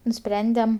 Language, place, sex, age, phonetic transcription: Lithuanian, Aukštaitija, female, 18-60, nuˈsprendem

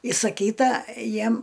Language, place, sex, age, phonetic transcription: Lithuanian, Aukštaitija, female, 60+, isaˈkyta ˈjiem

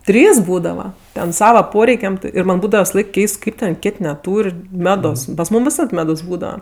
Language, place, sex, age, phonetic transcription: Lithuanian, Aukštaitija, female, 18-60, ˈtrys ˈbūdava ˈten ˈsava ˈporeikiam ˈti ir ˈman' ˈbūdava visaˈlaik ˈkeist ˈkaip ten ˈkėt' neˈtūr' ˈmedos pas ˈmūm viˈsad ˈmedos ˈbūdava

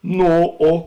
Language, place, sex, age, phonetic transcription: Lithuanian, Žemaitija, male, 60+, ˈno ˈo

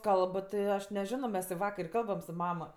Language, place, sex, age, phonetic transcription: Lithuanian, Aukštaitija, female, 18-60, ˈkalb ti ˈaš neˈžino mes i ˈvakar i ˈkalbam su ˈmama

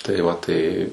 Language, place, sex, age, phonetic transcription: Lithuanian, Suvalkija, male, 18-60, tai ˈva ˈtai

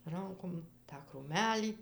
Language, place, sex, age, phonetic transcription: Lithuanian, Dzūkija, female, 60+, ˈrankom tą krūˈmelį

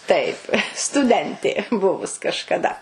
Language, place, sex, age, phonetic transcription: Lithuanian, Suvalkija, female, 60+, ˈtaip stuˈdentė ˈbuvus kažkaˈda

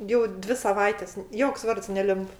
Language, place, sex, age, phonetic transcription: Lithuanian, Aukštaitija, female, 60+, ˈjau ˈdvi saˈvaites ˈjoks ˈvards neˈlimp

